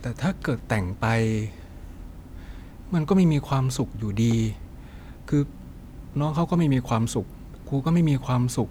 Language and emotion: Thai, frustrated